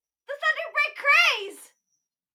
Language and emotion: English, happy